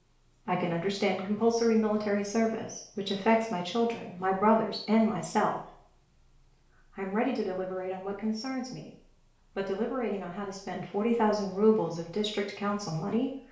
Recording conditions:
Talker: one person; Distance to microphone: 1.0 m; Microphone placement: close; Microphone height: 1.1 m; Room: small (3.7 m by 2.7 m); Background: none

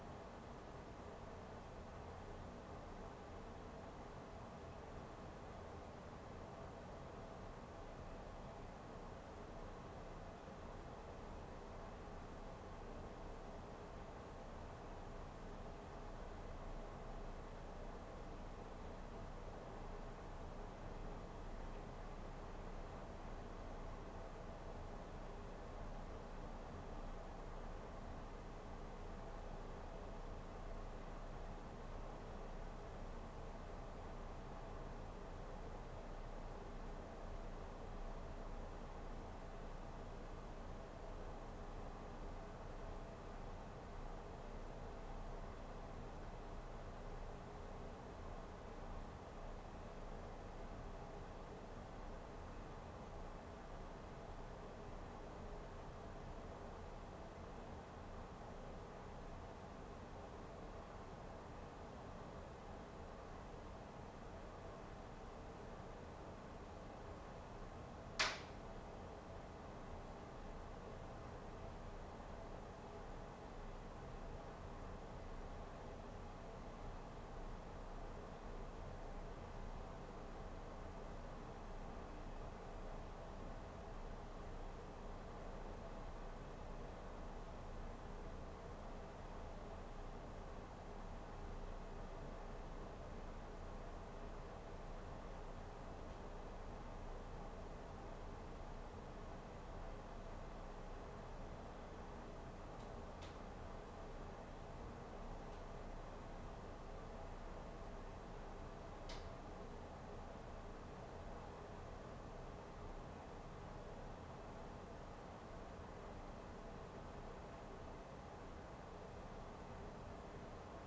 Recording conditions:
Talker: no one; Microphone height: 1.8 m; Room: small (3.7 m by 2.7 m); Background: none

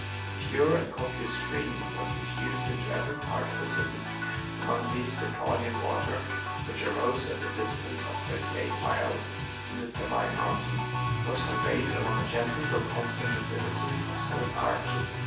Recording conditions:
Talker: one person; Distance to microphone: 9.8 m; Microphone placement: far; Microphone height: 1.8 m; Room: large; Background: music

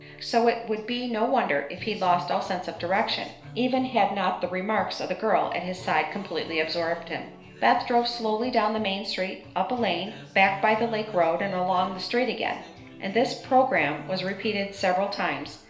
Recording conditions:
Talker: one person; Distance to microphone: 1.0 m; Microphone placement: close; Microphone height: 1.1 m; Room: small (3.7 m by 2.7 m); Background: music

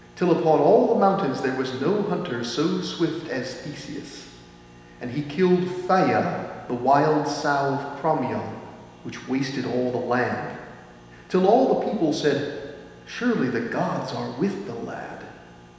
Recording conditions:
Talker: one person; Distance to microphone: 1.7 m; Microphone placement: close; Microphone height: 1.0 m; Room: very reverberant, large; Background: none

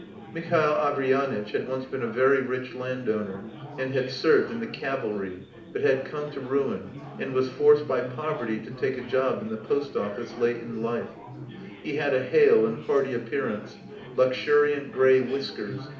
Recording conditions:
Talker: one person; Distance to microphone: 2.0 m; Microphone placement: close; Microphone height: 99 cm; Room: medium-sized (5.7 m by 4.0 m); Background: babble

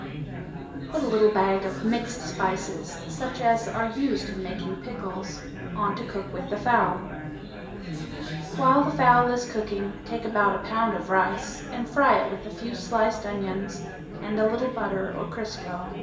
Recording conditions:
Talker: one person; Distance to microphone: 1.8 m; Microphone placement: close; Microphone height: 1.0 m; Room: large; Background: babble

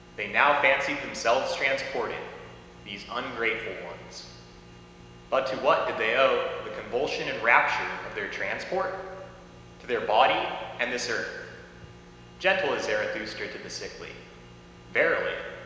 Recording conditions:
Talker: one person; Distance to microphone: 1.7 m; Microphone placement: close; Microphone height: 1.0 m; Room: very reverberant, large; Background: none

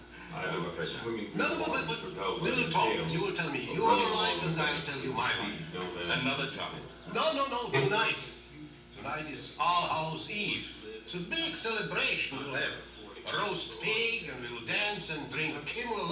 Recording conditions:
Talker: one person; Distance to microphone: 9.8 m; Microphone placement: far; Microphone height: 1.8 m; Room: large; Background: television

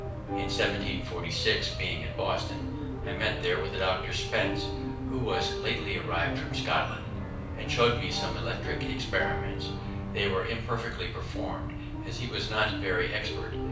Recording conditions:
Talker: one person; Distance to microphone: 5.8 m; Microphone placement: far; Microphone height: 1.8 m; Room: medium-sized (5.7 m by 4.0 m); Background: music

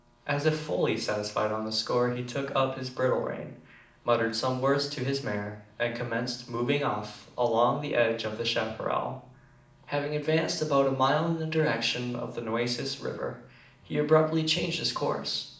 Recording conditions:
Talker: one person; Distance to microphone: 2.0 m; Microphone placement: close; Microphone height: 99 cm; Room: medium-sized (5.7 m by 4.0 m); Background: none

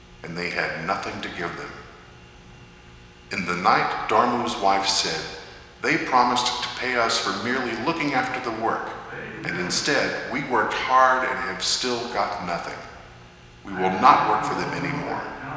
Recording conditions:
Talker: one person; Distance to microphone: 1.7 m; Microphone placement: close; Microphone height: 1.0 m; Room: very reverberant, large; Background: television

